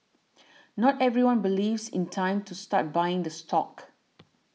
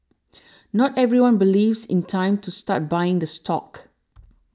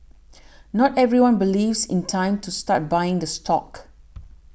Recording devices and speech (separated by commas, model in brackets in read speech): mobile phone (iPhone 6), standing microphone (AKG C214), boundary microphone (BM630), read sentence